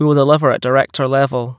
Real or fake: real